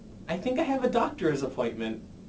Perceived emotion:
neutral